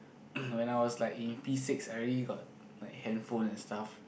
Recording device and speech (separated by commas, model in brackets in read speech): boundary microphone, conversation in the same room